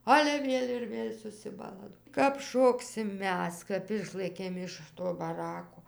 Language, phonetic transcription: Lithuanian, ˈale ˈvėl' ir ˈvėl' susiˈbala kap ˈšoksim ˈmes ˈkap ˈišlɘkėm iš ˈto baˈrako

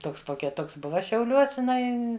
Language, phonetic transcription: Lithuanian, ˈtoks ˈtokia ˈtoks ˈbuva šiauˈliuos iˈnai

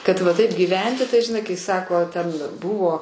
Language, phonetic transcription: Lithuanian, ˈkad va ˈtaip gyˈventi tai žiˈnai kai ˈsako ten ˈbuvo

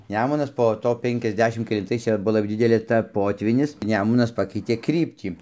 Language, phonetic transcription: Lithuanian, ˈnemunas po ˈto ˌpenkiasˈdešim kelinˈtais ˈčia ˈbuo lab ˈdidelė ˈta ˈpotvynis ˈnemunas ˈpakeitė ˈkryptį

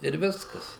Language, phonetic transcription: Lithuanian, ir ˈviskas

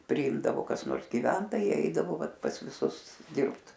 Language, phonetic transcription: Lithuanian, priˈimdavo kas ˈnors giˈventojai ˈeidavo ˈvat pas viˈsus ˈdirbt

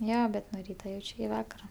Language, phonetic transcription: Lithuanian, ˈjo bet nu ˈryta ˈjauč' iki ˈvakara

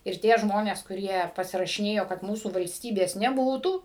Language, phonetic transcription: Lithuanian, ir ˈtie ˈžmonės kuˈrie pasirašiˈnėjo kad ˈmūsų valsˈtybės neˈbūtų

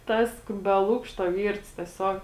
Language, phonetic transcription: Lithuanian, ˈtas be ˈlukšto ˈvyrts teˈsiog

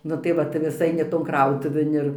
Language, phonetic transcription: Lithuanian, ˈnu tai ˈva tai vis ˈaini ˈton ˈkrautuvėn ir

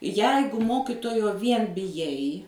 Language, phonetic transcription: Lithuanian, ˈjeigu ˈmokitojo ˈvien biˈjai

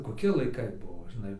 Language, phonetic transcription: Lithuanian, koˈki laiˈkai ˈbuo žiˈnai

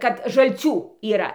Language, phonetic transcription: Lithuanian, kad žalˈcių yˈra

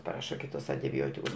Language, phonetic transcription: Lithuanian, paˈraša ˈkitus antiˈbiotikus

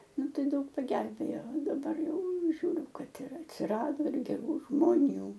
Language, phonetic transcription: Lithuanian, ˈnu ˈtai ˈdaug paˈgelbėjo daˈbar ˈjau ˈžiūriu ˈkad ir atsiˈrado geˈrų žmoˈnių

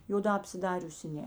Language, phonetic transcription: Lithuanian, joˈdā apsiˈdariusi ˈne

